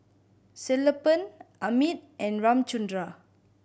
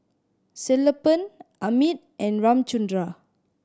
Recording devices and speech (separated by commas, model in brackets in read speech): boundary microphone (BM630), standing microphone (AKG C214), read sentence